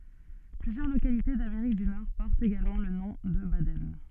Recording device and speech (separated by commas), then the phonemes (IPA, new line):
soft in-ear microphone, read sentence
plyzjœʁ lokalite dameʁik dy nɔʁ pɔʁtt eɡalmɑ̃ lə nɔ̃ də badɛn